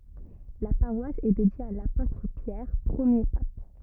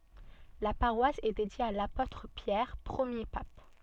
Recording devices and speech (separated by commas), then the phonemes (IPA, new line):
rigid in-ear microphone, soft in-ear microphone, read sentence
la paʁwas ɛ dedje a lapotʁ pjɛʁ pʁəmje pap